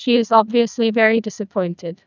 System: TTS, neural waveform model